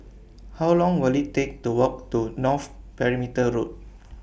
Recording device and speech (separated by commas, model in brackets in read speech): boundary microphone (BM630), read sentence